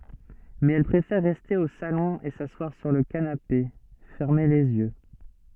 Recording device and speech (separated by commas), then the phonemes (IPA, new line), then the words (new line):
soft in-ear microphone, read sentence
mɛz ɛl pʁefɛʁ ʁɛste o salɔ̃ e saswaʁ syʁ lə kanape fɛʁme lez jø
Mais elle préfère rester au salon et s'asseoir sur le canapé, fermer les yeux.